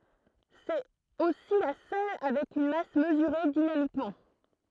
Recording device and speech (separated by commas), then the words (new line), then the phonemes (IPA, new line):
throat microphone, read sentence
C'est aussi la seule avec une masse mesurée dynamiquement.
sɛt osi la sœl avɛk yn mas məzyʁe dinamikmɑ̃